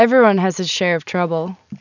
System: none